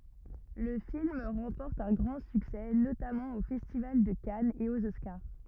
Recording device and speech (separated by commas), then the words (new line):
rigid in-ear microphone, read sentence
Le film remporte un grand succès, notamment au Festival de Cannes et aux Oscars.